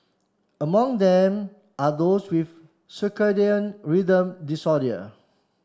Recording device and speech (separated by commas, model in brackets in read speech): standing microphone (AKG C214), read sentence